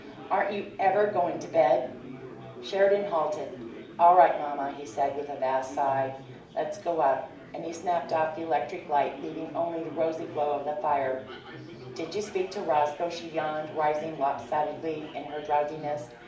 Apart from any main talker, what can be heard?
Crowd babble.